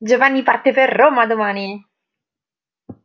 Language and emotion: Italian, happy